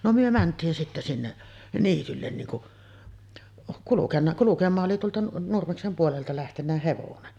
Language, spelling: Finnish, no me mentiin sitten sinne niitylle niin kun kulkenut kulkemaan oli tuolta Nurmeksen puolelta lähtenyt hevonen
- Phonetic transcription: no myö 'mänt̀iin sitte sinne’ , 'niityllen niin kuˀ , kulukenna , kulukem̆maa’ ’oli tuolta 'Nurmeksem puolelta lähtennä "hevonen .

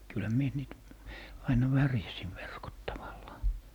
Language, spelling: Finnish, kyllähän minä niitä aina värjäsin verkot tavallaan
- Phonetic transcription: 'kylhä mie niit , 'aina "värjäsiv verkot 'tavallaa .

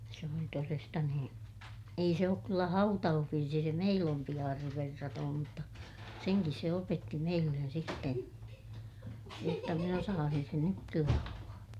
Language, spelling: Finnish, se oli todesta nuo ei se ole kyllä hautausvirsi se meill ompi aarre verraton mutta senkin se opetti meille sitten jotta minä osaisin sen nytkin laulaa
- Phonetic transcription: se oli toresta nuo , ei se ook kyllä hautauhvirsi se » meill ‿ompi aarrev verratoom » mutta , seŋkis se opetti meillen sitten , jotta min ‿osaasin sen nykkil laulaa .

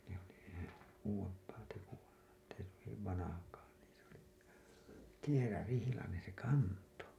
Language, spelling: Finnish, se oli se uudempaa tekoa että ei hyvin vanhakaan niin se oli kierärihlainen se kantoi
- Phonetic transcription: se ‿oli se , uuwemp̀aa teku₍a , Ett ‿ei hyviv vanahakaa , niin̬ s ‿oli , 'kierärihilanen̬ , se 'kanto .

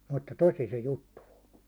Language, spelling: Finnish, mutta tosi se juttu on
- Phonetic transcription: mutta "tosi se "juttu o .

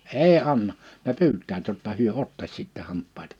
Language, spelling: Finnish, ei anna ne pyytävät jotta he ottaisi sitten hampaita
- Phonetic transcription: èi 'anna « , ne "py̬yt̆täät jotta 'hyö "ottas 'sittɛ 'hamppaitᴀ .

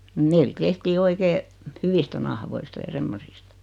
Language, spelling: Finnish, meillä tehtiin oikein hyvistä nahkoista ja semmoisista
- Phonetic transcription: 'meil "tehtii 'oikee , "hyvistä nahoista ja 'semmosistᴀ .

